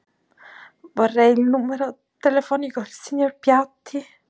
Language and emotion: Italian, sad